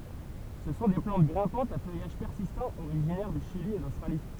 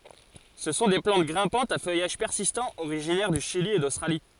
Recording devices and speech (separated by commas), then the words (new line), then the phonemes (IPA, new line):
temple vibration pickup, forehead accelerometer, read sentence
Ce sont des plantes grimpantes à feuillage persistant originaires du Chili et d'Australie.
sə sɔ̃ de plɑ̃t ɡʁɛ̃pɑ̃tz a fœjaʒ pɛʁsistɑ̃ oʁiʒinɛʁ dy ʃili e dostʁali